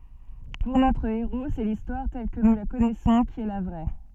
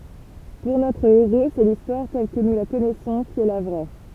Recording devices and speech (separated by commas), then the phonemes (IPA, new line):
soft in-ear microphone, temple vibration pickup, read sentence
puʁ notʁ eʁo sɛ listwaʁ tɛl kə nu la kɔnɛsɔ̃ ki ɛ la vʁɛ